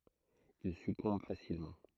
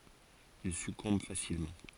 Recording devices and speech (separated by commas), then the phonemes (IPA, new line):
throat microphone, forehead accelerometer, read sentence
il sykɔ̃b fasilmɑ̃